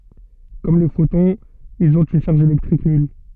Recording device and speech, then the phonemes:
soft in-ear microphone, read sentence
kɔm le fotɔ̃z ilz ɔ̃t yn ʃaʁʒ elɛktʁik nyl

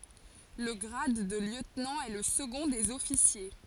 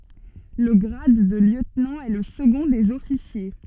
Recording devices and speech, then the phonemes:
forehead accelerometer, soft in-ear microphone, read sentence
lə ɡʁad də ljøtnɑ̃ ɛ lə səɡɔ̃ dez ɔfisje

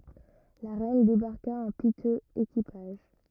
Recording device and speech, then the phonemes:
rigid in-ear microphone, read sentence
la ʁɛn debaʁka ɑ̃ pitøz ekipaʒ

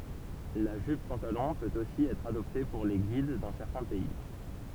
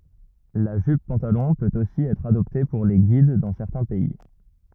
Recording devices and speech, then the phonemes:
temple vibration pickup, rigid in-ear microphone, read sentence
la ʒyp pɑ̃talɔ̃ pøt osi ɛtʁ adɔpte puʁ le ɡid dɑ̃ sɛʁtɛ̃ pɛi

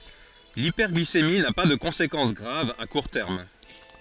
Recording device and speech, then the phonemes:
forehead accelerometer, read sentence
lipɛʁɡlisemi na pa də kɔ̃sekɑ̃s ɡʁav a kuʁ tɛʁm

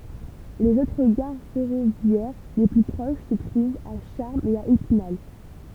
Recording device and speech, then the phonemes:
temple vibration pickup, read sentence
lez otʁ ɡaʁ fɛʁovjɛʁ le ply pʁoʃ sə tʁuvt a ʃaʁmz e a epinal

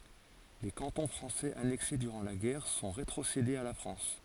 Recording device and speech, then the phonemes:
forehead accelerometer, read sentence
le kɑ̃tɔ̃ fʁɑ̃sɛz anɛkse dyʁɑ̃ la ɡɛʁ sɔ̃ ʁetʁosedez a la fʁɑ̃s

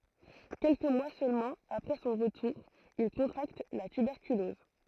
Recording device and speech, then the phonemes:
throat microphone, read sentence
kɛlkə mwa sølmɑ̃ apʁɛ sɔ̃ ʁətuʁ il kɔ̃tʁakt la tybɛʁkylɔz

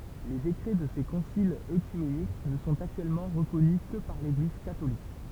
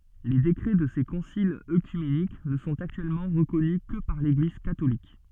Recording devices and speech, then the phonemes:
temple vibration pickup, soft in-ear microphone, read sentence
le dekʁɛ də se kɔ̃silz økymenik nə sɔ̃t aktyɛlmɑ̃ ʁəkɔny kə paʁ leɡliz katolik

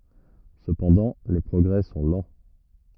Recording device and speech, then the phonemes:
rigid in-ear microphone, read sentence
səpɑ̃dɑ̃ le pʁɔɡʁɛ sɔ̃ lɑ̃

